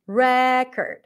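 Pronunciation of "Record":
'Record' is said as the noun, with the stress on the first syllable and a schwa in the second syllable.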